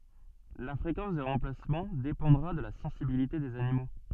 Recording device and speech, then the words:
soft in-ear microphone, read sentence
La fréquence des remplacements dépendra de la sensibilité des animaux.

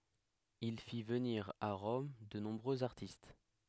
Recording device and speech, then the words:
headset microphone, read sentence
Il fit venir à Rome de nombreux artistes.

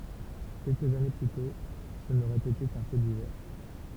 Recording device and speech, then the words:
temple vibration pickup, read sentence
Quelques années plus tôt, ce n'aurait été qu'un fait divers.

